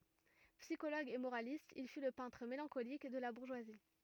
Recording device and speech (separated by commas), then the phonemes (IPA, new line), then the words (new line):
rigid in-ear microphone, read sentence
psikoloɡ e moʁalist il fy lə pɛ̃tʁ melɑ̃kolik də la buʁʒwazi
Psychologue et moraliste, il fut le peintre mélancolique de la bourgeoisie.